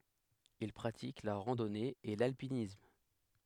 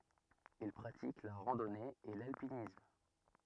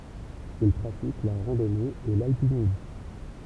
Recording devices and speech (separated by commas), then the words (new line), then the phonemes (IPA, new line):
headset microphone, rigid in-ear microphone, temple vibration pickup, read sentence
Il pratique la randonnée et l'alpinisme.
il pʁatik la ʁɑ̃dɔne e lalpinism